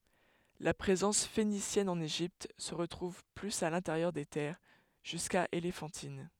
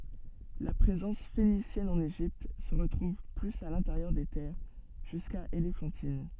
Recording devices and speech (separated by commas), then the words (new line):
headset microphone, soft in-ear microphone, read sentence
La présence phénicienne en Égypte se retrouve plus à l'intérieur des terres, jusqu'à Éléphantine.